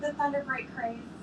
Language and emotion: English, happy